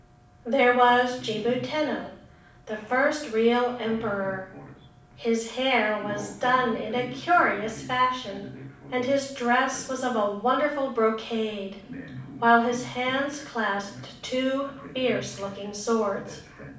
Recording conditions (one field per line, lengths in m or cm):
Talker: one person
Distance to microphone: 5.8 m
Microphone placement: far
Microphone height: 1.8 m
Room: medium-sized (5.7 m by 4.0 m)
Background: television